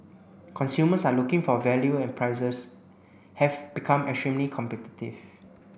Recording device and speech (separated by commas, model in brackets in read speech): boundary microphone (BM630), read sentence